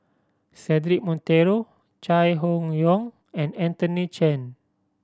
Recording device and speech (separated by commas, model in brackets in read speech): standing microphone (AKG C214), read sentence